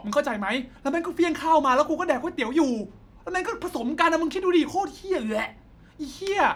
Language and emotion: Thai, angry